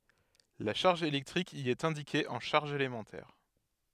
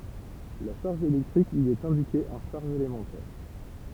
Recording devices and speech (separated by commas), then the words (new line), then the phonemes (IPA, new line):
headset microphone, temple vibration pickup, read sentence
La charge électrique y est indiquée en charges élémentaires.
la ʃaʁʒ elɛktʁik i ɛt ɛ̃dike ɑ̃ ʃaʁʒz elemɑ̃tɛʁ